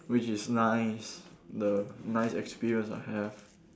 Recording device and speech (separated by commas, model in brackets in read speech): standing microphone, conversation in separate rooms